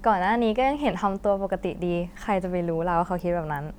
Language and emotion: Thai, happy